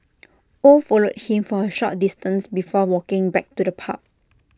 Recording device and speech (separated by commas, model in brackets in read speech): standing microphone (AKG C214), read sentence